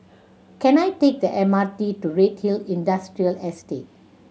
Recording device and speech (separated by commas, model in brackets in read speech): mobile phone (Samsung C7100), read sentence